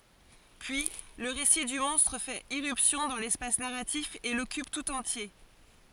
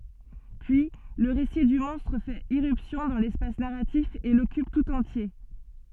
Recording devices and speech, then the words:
forehead accelerometer, soft in-ear microphone, read sentence
Puis, le récit du monstre fait irruption dans l'espace narratif et l'occupe tout entier.

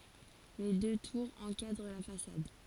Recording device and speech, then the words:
forehead accelerometer, read sentence
Les deux tours encadrent la façade.

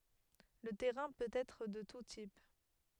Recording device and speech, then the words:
headset microphone, read sentence
Le terrain peut être de tout type.

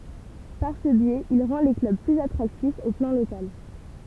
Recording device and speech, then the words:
temple vibration pickup, read sentence
Par ce biais, il rend les clubs plus attractifs au plan local.

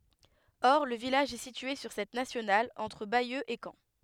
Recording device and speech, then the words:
headset microphone, read sentence
Or le village est situé sur cette nationale, entre Bayeux et Caen.

